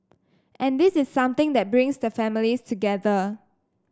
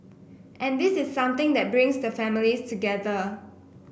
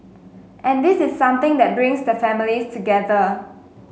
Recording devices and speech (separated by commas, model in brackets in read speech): standing microphone (AKG C214), boundary microphone (BM630), mobile phone (Samsung S8), read sentence